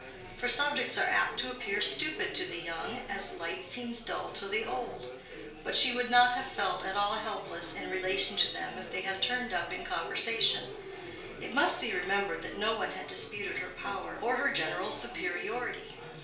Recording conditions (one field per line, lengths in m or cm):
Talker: one person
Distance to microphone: 1.0 m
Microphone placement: close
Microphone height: 1.1 m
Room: small (3.7 m by 2.7 m)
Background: babble